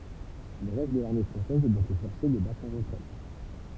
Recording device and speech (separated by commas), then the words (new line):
temple vibration pickup, read sentence
Le reste de l'armée française est bientôt forcé de battre en retraite.